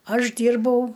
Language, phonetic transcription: Lithuanian, ˈaš ˈdyrbau

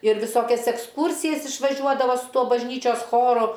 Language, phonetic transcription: Lithuanian, ir viˈsokias eksˈkūrsijas išvaˈžiuodavo su ˈtuo bažˈnyčios ˈchoru

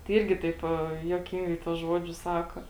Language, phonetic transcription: Lithuanian, tai ˈirgi ˈtaip juoˈkingai tuos ˈžuodžius ˈsako

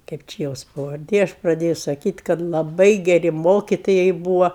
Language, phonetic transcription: Lithuanian, ˈkaip či ˈjos pavarˈdė ˈaš praˈdėju saˈkyt' kad laˈbai geˈri ˈmokitojai ˈbūva

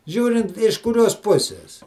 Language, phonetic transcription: Lithuanian, ˈžiūrint iš kuˈrios ˈpusis

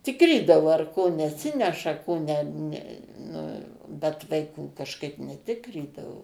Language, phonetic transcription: Lithuanian, ˈtikrydavo ar ˈko neˈsineša ˈko ne ˈne ˈnu bet vaiˈkų kažˈkaip neˈtikrydavo

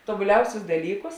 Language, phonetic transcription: Lithuanian, tobuˈliausius daˈlykus

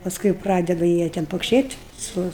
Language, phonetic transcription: Lithuanian, paˈskui jau ˈpradedu ˈjie ten pokšėt' ˈsu

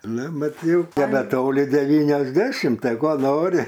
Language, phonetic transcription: Lithuanian, ˈnu ˈmat ˈjau nebeˈtoli devyniasˈdešim ˈtai ˈko ˈnori

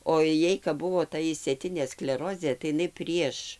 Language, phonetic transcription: Lithuanian, o ˈjai kap ˈbuvo ˈta išsėˈtinė skleˈrozė tai iˈnai ˈprieš

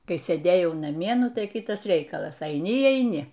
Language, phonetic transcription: Lithuanian, ˈkai sėˈdėjau naˈmie ˈnu ˈtai ˈkitas ˈreikalas aiˈni y aiˈni

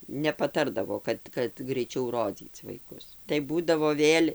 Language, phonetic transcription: Lithuanian, nepaˈtardavo ˈkad kad greiˈčiau ˈrodzyc vaiˈkus tai ˈbūdavo ˈvėl'

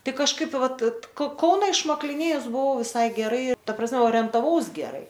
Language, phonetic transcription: Lithuanian, ˈtai kažˈkaip ˈvat ko ˈkauna išmakliˈnėjus buˈvau viˈsai geˈrai taˈ prasˈme orientaˈvaus geˈrai

